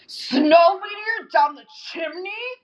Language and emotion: English, disgusted